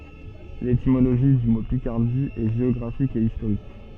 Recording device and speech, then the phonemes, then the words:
soft in-ear microphone, read sentence
letimoloʒi dy mo pikaʁdi ɛ ʒeɔɡʁafik e istoʁik
L’étymologie du mot Picardie est géographique et historique.

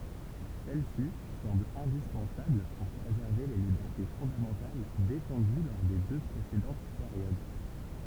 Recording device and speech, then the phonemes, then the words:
temple vibration pickup, read sentence
sɛl si sɑ̃bl ɛ̃dispɑ̃sabl puʁ pʁezɛʁve le libɛʁte fɔ̃damɑ̃tal defɑ̃dy lɔʁ de dø pʁesedɑ̃t peʁjod
Celle-ci semble indispensable pour préserver les libertés fondamentales défendues lors des deux précédentes périodes.

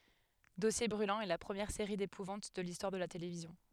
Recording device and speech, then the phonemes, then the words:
headset microphone, read sentence
dɔsje bʁylɑ̃z ɛ la pʁəmjɛʁ seʁi depuvɑ̃t də listwaʁ də la televizjɔ̃
Dossiers Brûlants est la première série d'épouvante de l'histoire de la télévision.

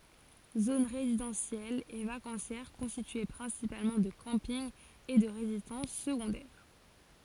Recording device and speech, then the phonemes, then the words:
forehead accelerometer, read sentence
zon ʁezidɑ̃sjɛl e vakɑ̃sjɛʁ kɔ̃stitye pʁɛ̃sipalmɑ̃ də kɑ̃pinɡ e də ʁezidɑ̃s səɡɔ̃dɛʁ
Zone résidentielle et vacancière constituée principalement de campings et de résidences secondaires.

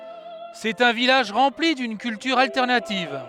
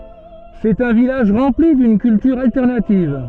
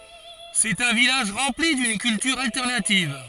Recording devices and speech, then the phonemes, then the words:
headset microphone, soft in-ear microphone, forehead accelerometer, read sentence
sɛt œ̃ vilaʒ ʁɑ̃pli dyn kyltyʁ altɛʁnativ
C'est un village rempli d'une culture alternative.

